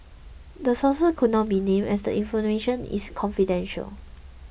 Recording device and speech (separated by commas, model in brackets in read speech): boundary microphone (BM630), read sentence